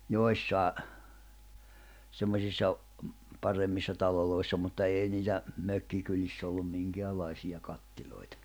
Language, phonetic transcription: Finnish, 'joissài̬ , 'semmośissa o- , 'paremmissa 'taloloissa mutta 'éi niitä , 'mökkikyliss ‿ollum 'miŋkeäl̆laisiʲa 'kattil̜oitᴀ .
- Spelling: joissakin semmoisissa - paremmissa taloissa mutta ei niitä mökkikylissä ollut minkäänlaisia herraspaikoissa kattiloita

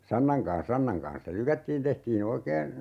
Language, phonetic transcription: Finnish, 'sannaŋ kaa̰s 'sannaŋ kaa̰s se 'lykättiin 'tehtii"n ‿oikeen̬ , .
- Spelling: sannan kanssa sannan kanssa se lykättiin tehtiin oikein

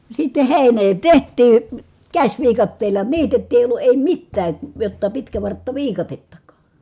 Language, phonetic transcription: Finnish, sitte hèinee teht̀ii , käśviikatteel̀a niitettii èi ollu èi mittää , jotta pitkävarttaviikatettakAA .
- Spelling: sitten heinää tehtiin käsiviikatteella niitettiin ei ollut ei mitään jotta pitkävarttaviikatettakaan

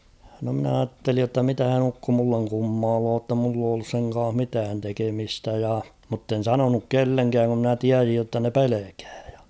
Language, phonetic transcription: Finnish, no mn ‿aattelij jotta 'mitähän ‿'ukko mulleŋ 'kummaaloo ‿tta mull ‿oo ollus seŋ kaah 'mitään 'tekemistä ja , mutten̬ 'sanonuk "kelleŋkääŋ (ku) mnä 'tiäsij jotta ne "pelekᴀ̈ᴀ̈ ᴊᴀ .
- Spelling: no minä ajattelin jotta mitähän ukko minulle kummailee jotta minulla ole ollut sen kanssa mitään tekemistä ja mutta en sanonut kenellekään kun minä tiesin jotta ne pelkää ja

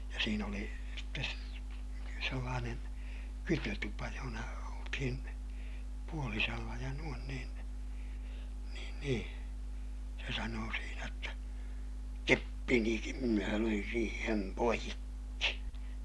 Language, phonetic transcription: Finnish, ja siin ‿oli , sitte , sellaanen , kytötupa johona oltihin , puolisella ja nuon niin , niin niḭ , se sanoo siinä jotta , keppinikim minä löin siihem poikki .
- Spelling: ja siinä oli sitten sellainen kytötupa jossa oltiin puolisella ja noin niin niin niin se sanoi siinä jotta keppinikin minä löin siihen poikki

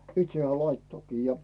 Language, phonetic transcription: Finnish, 'itse hᵉää "laittokii ja .
- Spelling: itse hän laittoikin ja

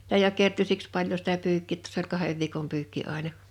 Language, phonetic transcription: Finnish, (si)tä jo 'kertyy "siks 'paĺjo sitä 'pyykkì ‿ttᴀ s ‿oĺ 'kahev viikom 'pyykki 'àina .
- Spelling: sitä jo kertyy siksi paljon sitä pyykki' jotta se oli kahden viikon pyykki aina

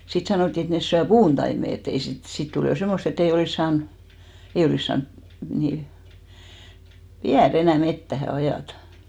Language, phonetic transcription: Finnish, 'sit sanòtti et 'nes syä "puuntaime e't ‿ei sit , 'sit 'tul jo 'semmost ‿ett ‿ei 'olìs 'saan , 'ei olìs 'saan , ni , "viä'r ‿enä̀ 'mettähä , 'ajàtᴀ .
- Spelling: sitten sanottiin että ne syö puuntaimet että ei sitten sitten tuli jo semmoista että ei olisi saanut ei olisi saanut niin viedä enää metsään ajaa

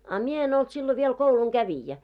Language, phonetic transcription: Finnish, a 'mie en ‿olt sillo viel 'kouluŋ"ɢävijä .
- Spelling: a minä en ollut silloin vielä koulunkävijä

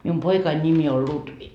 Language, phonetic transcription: Finnish, 'mium "poikain nimi ol 'Lutvi .
- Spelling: minun poikani nimi on Lutvi

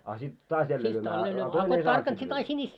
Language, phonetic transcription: Finnish, a sit taas 'jällee lyömää , a a 'toin ‿ei 'saant sit lyyvä .
- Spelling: a sitten taas jälleen lyömään a a toinen ei saanut sitten lyödä

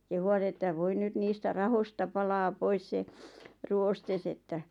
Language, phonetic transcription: Finnish, kehuvat ‿ettäv » 'voi 'nyt niistä "rahosta palaa 'pois se , "ruostes ‿että « .
- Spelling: kehuivat että voi nyt niistä rahoista palaa pois se ruoste että

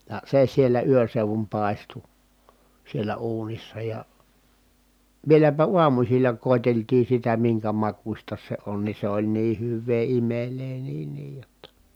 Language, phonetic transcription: Finnish, ja se siellä yön̬ seuvum pàestu , sielä uunissa ja , vieläpä uamusilla kòeteltii sitä miŋkä makuśta se on ni se oĺ nii hyv̆vee imelee niin niij jotta .
- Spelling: ja se siellä yön seudun paistui siellä uunissa ja vieläpä aamusilla koeteltiin sitä minkä makuista se on niin se oli niin hyvää imelää niin niin jotta

